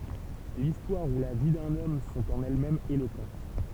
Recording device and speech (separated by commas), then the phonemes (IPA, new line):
temple vibration pickup, read sentence
listwaʁ u la vi dœ̃n ɔm sɔ̃t ɑ̃n ɛlɛsmɛmz elokɑ̃t